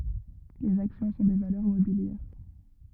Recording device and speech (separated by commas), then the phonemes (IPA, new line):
rigid in-ear microphone, read sentence
lez aksjɔ̃ sɔ̃ de valœʁ mobiljɛʁ